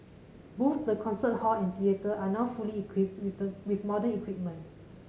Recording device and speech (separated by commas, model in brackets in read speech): mobile phone (Samsung C5010), read sentence